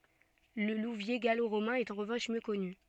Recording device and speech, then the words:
soft in-ear microphone, read sentence
Le Louviers gallo-romain est en revanche mieux connu.

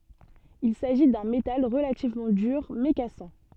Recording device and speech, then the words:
soft in-ear microphone, read sentence
Il s'agit d'un métal relativement dur, mais cassant.

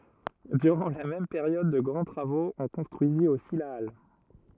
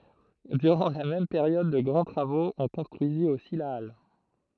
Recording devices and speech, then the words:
rigid in-ear microphone, throat microphone, read sentence
Durant la même période de grands travaux, on construisit aussi la halle.

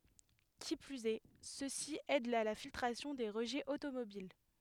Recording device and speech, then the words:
headset microphone, read sentence
Qui plus est, ceux-ci aident à la filtration des rejets automobiles.

